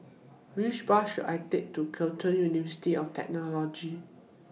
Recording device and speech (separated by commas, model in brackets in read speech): mobile phone (iPhone 6), read sentence